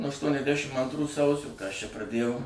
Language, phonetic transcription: Lithuanian, nuo aštuoniasˈdæšim antˈrų ˈsausio ka aš čia praˈdėjau

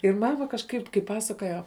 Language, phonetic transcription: Lithuanian, ir ˈmama kažˈkaip kai ˈpasakoja

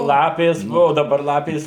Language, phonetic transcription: Lithuanian, ˈlapės ˈbuo daˈbar ˈlapės

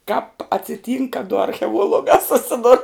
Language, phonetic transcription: Lithuanian, kāp atsiˈtynk ka du archeˈuolugā suˈsidur

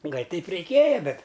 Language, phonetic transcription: Lithuanian, ˈgal' ˈteip reiˈkėja ˈbet

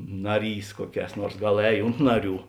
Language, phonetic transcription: Lithuanian, ˈnaˌrys ˈkuoˌkēs ˈnuors ˈgal ˈēj ˈunt naˌrių

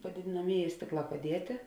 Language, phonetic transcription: Lithuanian, padėdėnaˈmėˌjē ˈstėkˌlā paˈdietė

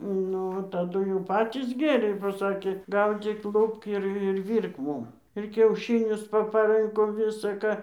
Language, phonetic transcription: Lithuanian, ˈnu taˈdu jau ˈpatys ˈgėrė bo ˈsakė ˈgaudzyk ˈlupk ir ir ˈvyrk ˈmūm ir kiauˈšinius papaˈrɨnko visa ˈką

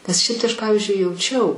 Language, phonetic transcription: Lithuanian, nes ˈšiaip tai ˈaš ˈpavizdžiui jauˈčiau

